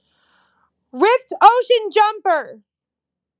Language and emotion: English, neutral